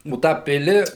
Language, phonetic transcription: Lithuanian, o ˈtą ˈpili

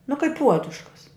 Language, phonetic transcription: Lithuanian, nu kaip ˈpuoduškas

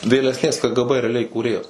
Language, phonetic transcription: Lithuanian, vėlesˈnės ˈkə ˈgə ˈbə reaˈliai įkūˈrėjas

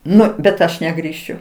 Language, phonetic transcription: Lithuanian, ˈnu bet ˈaš negrįˈšiu

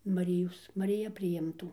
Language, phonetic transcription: Lithuanian, maˈrijos mariˈja priˈimtų

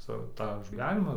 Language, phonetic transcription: Lithuanian, ˈsau tą gyˈvenimą

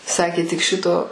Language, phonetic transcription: Lithuanian, ˈsakė tik ˈšito

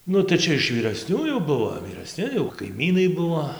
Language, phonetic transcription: Lithuanian, ˈnu tai ˈčia iš vyrasnių jau ˈbuvo vyraˈsni jau kaiˈmynai ˈbuvo

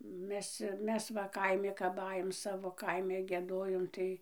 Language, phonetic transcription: Lithuanian, ˈmes ˈmes va ˈkaimi kap ˈajom ˈsavo ˈkaime gieˈdojom tai

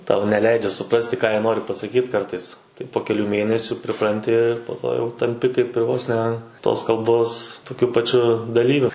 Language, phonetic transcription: Lithuanian, ˈtau neˈleidžia suˈprasti ką ˈjie ˈnori pasakyt ˈkartais tai po keˈlių ˈmėnesiu priˈpranti ir po ˈto jau tamˈpi kaip ir ˈvos ne tos kalˈbos toˈkiu paˈčiu daˈlyviu

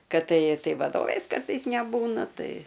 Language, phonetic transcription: Lithuanian, ˈkad ˈtai ˈtai vaˈdovės ˈkartais neˈbūna ˈtai

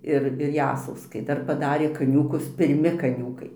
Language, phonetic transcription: Lithuanian, ˈir ir ˈjasauskai ˈdar paˈdarė kaˈniūkus pirˈmi kaˈniūkai

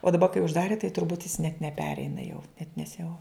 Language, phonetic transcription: Lithuanian, o daˈba kai užˈdari tai turˈbūt jis net neˈpereina jau net nes jau

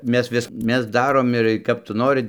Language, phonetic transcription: Lithuanian, ˈmes ˈvis ˈmes ˈdarom ir kap ˈtu ˈnorɨ

